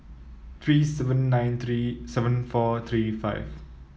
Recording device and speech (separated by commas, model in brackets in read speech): mobile phone (iPhone 7), read sentence